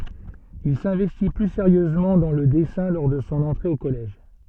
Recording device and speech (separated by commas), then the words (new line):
soft in-ear microphone, read sentence
Il s'investit plus sérieusement dans le dessin lors de son entrée au collège.